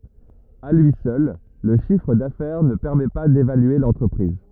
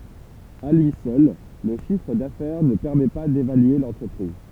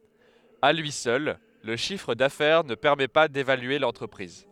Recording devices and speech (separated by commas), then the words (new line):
rigid in-ear microphone, temple vibration pickup, headset microphone, read sentence
À lui seul, le chiffre d'affaires ne permet pas d'évaluer l'entreprise.